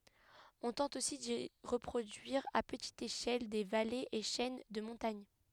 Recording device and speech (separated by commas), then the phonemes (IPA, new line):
headset microphone, read sentence
ɔ̃ tɑ̃t osi di ʁəpʁodyiʁ a pətit eʃɛl de valez e ʃɛn də mɔ̃taɲ